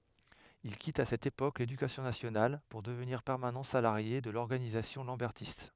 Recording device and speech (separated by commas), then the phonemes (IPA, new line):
headset microphone, read sentence
il kit a sɛt epok ledykasjɔ̃ nasjonal puʁ dəvniʁ pɛʁmanɑ̃ salaʁje də lɔʁɡanizasjɔ̃ lɑ̃bɛʁtist